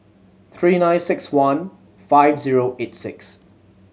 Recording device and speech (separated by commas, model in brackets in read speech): mobile phone (Samsung C7100), read sentence